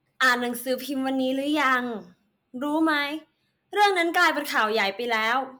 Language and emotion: Thai, frustrated